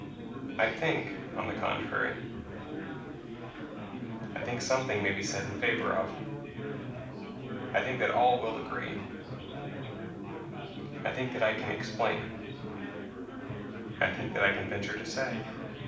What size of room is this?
A mid-sized room (about 5.7 m by 4.0 m).